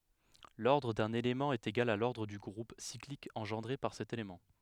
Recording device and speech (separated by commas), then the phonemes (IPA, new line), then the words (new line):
headset microphone, read sentence
lɔʁdʁ dœ̃n elemɑ̃ ɛt eɡal a lɔʁdʁ dy ɡʁup siklik ɑ̃ʒɑ̃dʁe paʁ sɛt elemɑ̃
L'ordre d'un élément est égal à l'ordre du groupe cyclique engendré par cet élément.